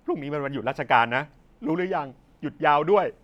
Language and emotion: Thai, sad